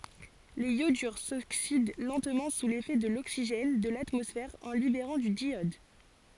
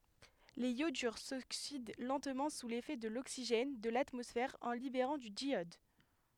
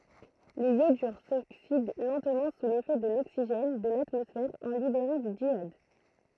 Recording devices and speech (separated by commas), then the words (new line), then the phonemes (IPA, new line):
forehead accelerometer, headset microphone, throat microphone, read sentence
Les iodures s'oxydent lentement sous l'effet de l'oxygène de l'atmosphère en libérant du diiode.
lez jodyʁ soksid lɑ̃tmɑ̃ su lefɛ də loksiʒɛn də latmɔsfɛʁ ɑ̃ libeʁɑ̃ dy djjɔd